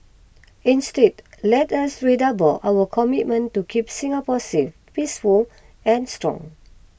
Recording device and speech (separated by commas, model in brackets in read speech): boundary microphone (BM630), read sentence